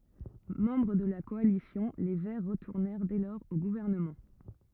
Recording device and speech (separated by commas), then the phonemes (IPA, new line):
rigid in-ear microphone, read sentence
mɑ̃bʁ də la kɔalisjɔ̃ le vɛʁ ʁətuʁnɛʁ dɛ lɔʁz o ɡuvɛʁnəmɑ̃